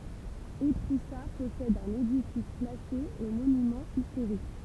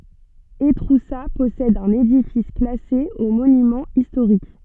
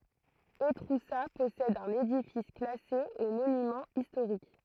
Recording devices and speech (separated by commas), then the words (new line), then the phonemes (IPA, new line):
temple vibration pickup, soft in-ear microphone, throat microphone, read sentence
Étroussat possède un édifice classé aux monuments historiques.
etʁusa pɔsɛd œ̃n edifis klase o monymɑ̃z istoʁik